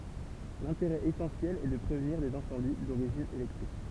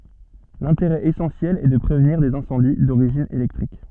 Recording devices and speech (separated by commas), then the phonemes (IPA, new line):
temple vibration pickup, soft in-ear microphone, read sentence
lɛ̃teʁɛ esɑ̃sjɛl ɛ də pʁevniʁ dez ɛ̃sɑ̃di doʁiʒin elɛktʁik